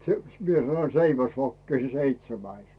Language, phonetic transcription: Finnish, se , 'mie sano "seiväsvokki se 'seitsemäis .
- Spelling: se minä sanoin seiväsvokki se seitsemäs

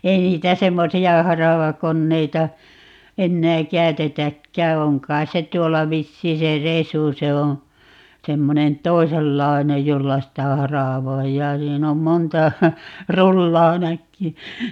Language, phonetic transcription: Finnish, 'ei niitä 'semmosi₍a "haravakonneita , 'ennää "käy̬tetäkkää - 'oŋ kai̮s se 'tuolla "vissii se "resu - 'se oo̰ , 'semmonen "toisellai̮nej 'jolla sitä "haràvoijjaa - 'siin ‿om 'monta , "rullaa ('näkkyy) .
- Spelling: ei niitä semmoisia haravakoneita enää käytetäkään on kai se tuolla vissiin se resu se on semmoinen toisenlainen jolla sitä haravoidaan siinä on monta rullaa näkyy

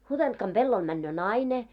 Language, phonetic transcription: Finnish, 'Hutentkam ʙellol männöö "naine .
- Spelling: Hutentkan pellolla menee nainen

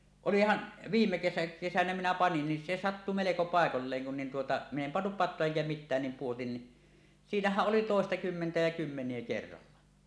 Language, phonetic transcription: Finnish, olihan , 'viimme kesä- 'kesänä minä panin ni , "se "sattu meleko pàekolleeŋ kun nin tuota min ‿em pannup 'pat̆toa eŋkä mit̆tään nim puotin ni , "siinähäˀ 'ˀoli "tòestakymmentä ja 'kymmeǹie 'kerralla .
- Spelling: olihan viime - kesänä minä panin niin se sattui melko paikoilleen kun niin tuota minä en pannut patoa enkä mitään niin pudotin niin siinähän oli toistakymmentä ja kymmeniä kerralla

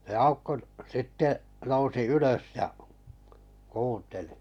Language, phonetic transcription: Finnish, (s)e 'aukko 'sitte nousi 'ylös ja , 'kuuntelɪ .
- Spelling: se Aukko sitten nousi ylös ja kuunteli

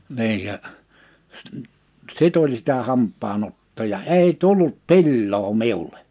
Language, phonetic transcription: Finnish, 'niij ja , s- , "sit ‿oĺ sitä 'hamp̆paa'n ‿ottoo ja 'èi "tullut "pilloo 'miule .
- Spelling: niin ja - sitä oli sitä hampaan ottoa ja ei tullut pilaa minulle

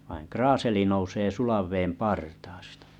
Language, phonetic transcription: Finnish, vain 'kraaseli nousee 'sulav veem 'partaastᴀ .
- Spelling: vaan kraaseli nousee sulan veden partaasta

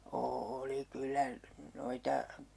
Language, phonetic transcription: Finnish, "ooli 'kyllä , 'noita ,.
- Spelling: oli kyllä noita

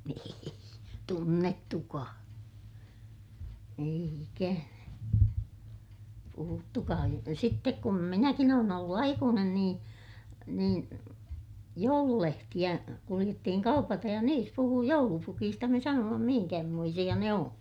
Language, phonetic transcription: Finnish, ei , tunnettukaa , eij ‿ikänä , puhuttukaa (mutta) sittek kum minäkin ‿oon ‿ollu aikuunen niin , niin , joululehtiʲä , kuliʲettihiŋ kaupatej ja niis puhuu joulupukiista - me sanooma mihiŋkähmoisiʲa ne oo̰ .
- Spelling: ei tunnettukaan ei ikänä puhuttukaan mutta sitten kun minäkin olen ollut aikuinen niin niin joululehtiä kuljettiin kaupaten ja niissä puhui joulupukista me sanoimme minkämoisia ne on

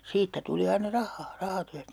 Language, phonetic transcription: Finnish, 'siittä tuli aina "rahhaa , 'rahatyä(stä) .
- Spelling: siitä tuli aina rahaa rahatyöstä

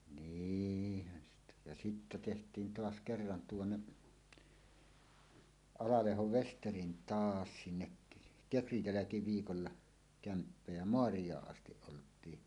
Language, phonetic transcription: Finnish, nîhhän sitä , ja sittä teht̀iin "toas 'kerran 'tuonne , "Alalehov "Vesterin "taas sinnek , "kekrij 'jäläkiviikolla , kämppä ja "moarij̀aaˀ 'ˀastiˀ 'ˀolt̀ii .
- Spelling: niinhän sitä ja sitten tehtiin taas kerran tuonne Alalehdon Vesterin taa sinne kekrin jälkiviikolla kämppä ja maariaan asti oltiin

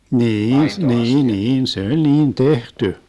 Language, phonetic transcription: Finnish, nii₍'in , "niin "niin , 'se oĺ 'niin "tehty .
- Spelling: niin niin niin se oli niin tehty

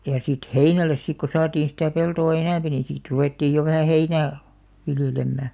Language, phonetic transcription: Finnish, ja sit "heinäl̆les sik ko 'saatiin̬ sitä̀ 'peltò "enämpi niḭ sit 'ruvèttiij jo vähä "heinää , 'viljelemmä .
- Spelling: ja sitten heinälle sitten kun saatiin sitä peltoa enempi niin sitten ruvettiin jo vähän heinää viljelemään

